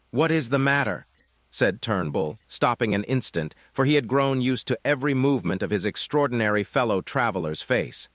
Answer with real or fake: fake